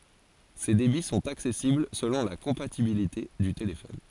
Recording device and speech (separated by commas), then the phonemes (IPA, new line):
forehead accelerometer, read sentence
se debi sɔ̃t aksɛsibl səlɔ̃ la kɔ̃patibilite dy telefɔn